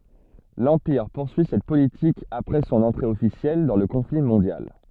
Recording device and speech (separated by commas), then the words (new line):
soft in-ear microphone, read sentence
L'Empire poursuit cette politique après son entrée officielle dans le conflit mondial.